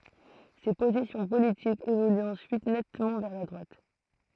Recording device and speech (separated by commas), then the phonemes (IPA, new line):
throat microphone, read sentence
se pozisjɔ̃ politikz evolyt ɑ̃syit nɛtmɑ̃ vɛʁ la dʁwat